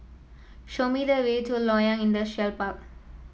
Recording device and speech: mobile phone (iPhone 7), read sentence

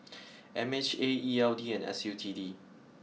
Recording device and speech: mobile phone (iPhone 6), read sentence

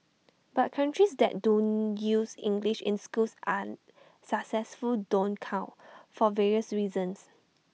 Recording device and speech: mobile phone (iPhone 6), read sentence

